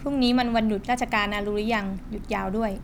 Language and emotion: Thai, neutral